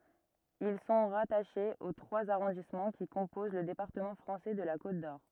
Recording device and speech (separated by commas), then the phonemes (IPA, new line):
rigid in-ear microphone, read sentence
il sɔ̃ ʁataʃez o tʁwaz aʁɔ̃dismɑ̃ ki kɔ̃poz lə depaʁtəmɑ̃ fʁɑ̃sɛ də la kot dɔʁ